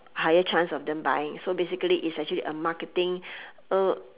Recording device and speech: telephone, conversation in separate rooms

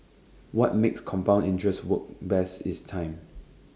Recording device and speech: standing microphone (AKG C214), read sentence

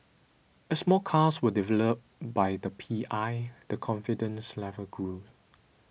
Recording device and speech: boundary microphone (BM630), read sentence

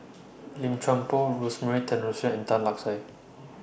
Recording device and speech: boundary microphone (BM630), read sentence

